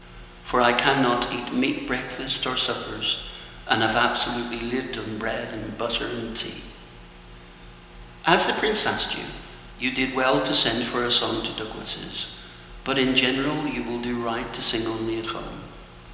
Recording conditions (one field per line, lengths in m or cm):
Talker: one person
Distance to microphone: 1.7 m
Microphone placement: close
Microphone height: 1.0 m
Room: very reverberant, large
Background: none